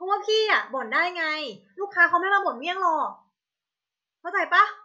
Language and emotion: Thai, frustrated